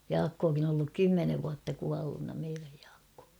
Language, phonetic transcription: Finnish, 'Jaakkokin ‿on ‿olluk "kymmenev vuatta 'kuallunna meiräj ᴊᴀᴀkkᴏᴏ .
- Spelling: Jaakkokin on ollut kymmenen vuotta kuolleena meidän Jaakko

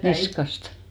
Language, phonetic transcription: Finnish, 'niskastᴀ .
- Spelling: niskasta

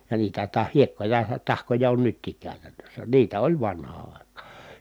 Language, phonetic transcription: Finnish, ja niitä (tä) hiekkoja tahkoja on nyttiik kä̀y̬tännössä , niitä oĺ vanhaa ài̮kaa .
- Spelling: ja niitä - hiekkoja tahkoja on nytkin käytännössä niitä oli vanhaan aikaan

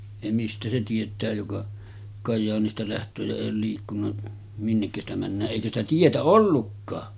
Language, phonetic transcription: Finnish, ja 'mistä se tiet̀ää joka , 'Kajjaanista läht̀öö ja 'èij ‿ool liikkunna , 'minnekkä sitä männää’ "’eikä ‿stä 'tietä "ollukkaa .
- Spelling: ja mistä se tietää joka Kajaanista lähtee ja ei ole liikkunut minnekä sitä mennään eikä sitä tietä ollutkaan

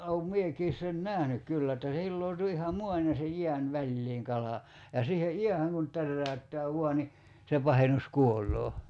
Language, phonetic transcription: Finnish, oum 'miekiis sen "nähnyk 'kyllä että se 'hilloo̭tu iha "muan ja se "jiän 'väĺliiŋ kala , ja siihe 'jiähäŋ kun , 'tärräy̬ttää "vua ni , se 'pahenus 'kuol̆loo .
- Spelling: olen minäkin sen nähnyt kyllä että se hilautui ihan maan ja sen jään väliin kala ja siihen jäähän kun täräyttää vain niin se pahus kuolee

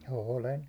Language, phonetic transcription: Finnish, 'òlen .
- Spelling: olen

